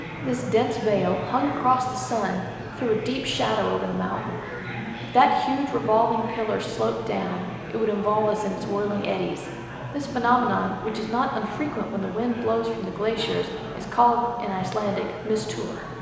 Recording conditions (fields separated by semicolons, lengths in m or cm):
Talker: one person; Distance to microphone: 1.7 m; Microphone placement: close; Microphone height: 1.0 m; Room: very reverberant, large; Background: babble